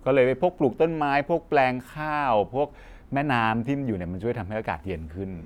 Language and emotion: Thai, happy